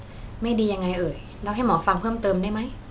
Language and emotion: Thai, neutral